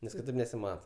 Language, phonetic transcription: Lithuanian, nes kiˈtaip nesiˈmata

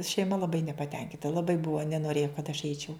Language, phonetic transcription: Lithuanian, šeiˈma laˈbai nepaˈtenkinta laˈbai ˈbuvo nenoˈrėjo kad aš ˈeičiau

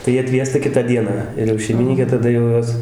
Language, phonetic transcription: Lithuanian, tai ˈjie atˈviesta ˈkitą ˈdieną ir jau šeimiˈnykė taˈda jau ˈjos

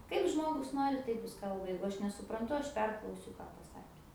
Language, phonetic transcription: Lithuanian, ˈkaip ˈžmogus ˈnori ˈtaip ˈjis ˈkalba ˈjeigu ˈaš nesupranˈtu ˈaš ˈperklausiu ˈką paˈsakė

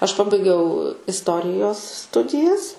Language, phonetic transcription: Lithuanian, aš ˈpabaigiau isˈtorijos ˈstudijas

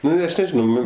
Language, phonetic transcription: Lithuanian, ˈnu ˈaš neˈžinau ˈnu

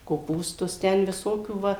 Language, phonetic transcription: Lithuanian, koˈpūstus ˈten viˈsokių ˈva

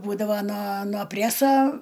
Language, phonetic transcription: Lithuanian, ˈbūdava na no ˈpræsa

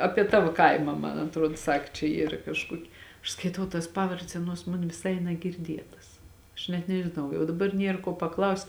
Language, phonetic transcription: Lithuanian, ˈapie ˈtavo ˈkaima ˈman atˈruod ˈsak čia ˈyr kažˈkuoki aš skaiˈtau tas ˈpavardes ˈaˌnuos ˈmon viˈsai nagirˈdietas aš net nežiˈnau jau daˈbar ˈnier kuo paˈklaust'

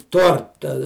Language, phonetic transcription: Lithuanian, ˈtorta

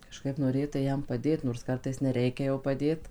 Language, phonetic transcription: Lithuanian, kaˈžkaip noˈrėtai ˈjam paˈdėt nors ˈkartais neˈreikia jau paˈdėt

